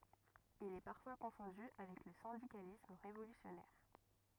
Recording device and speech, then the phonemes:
rigid in-ear microphone, read sentence
il ɛ paʁfwa kɔ̃fɔ̃dy avɛk lə sɛ̃dikalism ʁevolysjɔnɛʁ

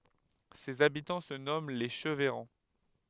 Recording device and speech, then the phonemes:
headset microphone, read sentence
sez abitɑ̃ sə nɔmɑ̃ le ʃəvɛʁɑ̃

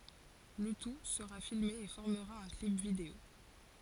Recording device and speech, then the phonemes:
forehead accelerometer, read sentence
lə tu səʁa filme e fɔʁməʁa œ̃ klip video

